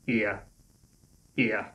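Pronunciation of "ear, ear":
This is the A diphthong, the vowel of 'ace', said in a Northern Irish accent, where it is shortened and not said as the standard British English two-part sound.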